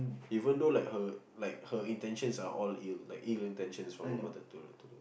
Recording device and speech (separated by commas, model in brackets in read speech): boundary microphone, conversation in the same room